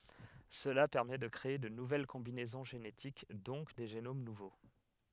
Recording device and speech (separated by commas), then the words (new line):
headset microphone, read sentence
Cela permet de créer de nouvelles combinaisons génétiques donc des génomes nouveaux.